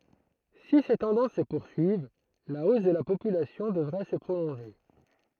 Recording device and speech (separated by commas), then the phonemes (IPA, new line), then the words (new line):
throat microphone, read sentence
si se tɑ̃dɑ̃s sə puʁsyiv la os də la popylasjɔ̃ dəvʁɛ sə pʁolɔ̃ʒe
Si ces tendances se poursuivent, la hausse de la population devrait se prolonger.